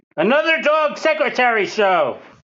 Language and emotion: English, sad